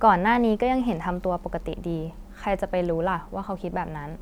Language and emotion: Thai, neutral